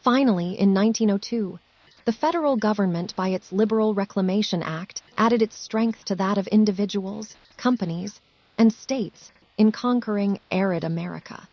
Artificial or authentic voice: artificial